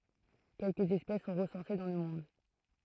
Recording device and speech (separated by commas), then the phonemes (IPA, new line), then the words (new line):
throat microphone, read sentence
kɛlkə ɛspɛs sɔ̃ ʁəsɑ̃se dɑ̃ lə mɔ̃d
Quelque espèces sont recensées dans le monde.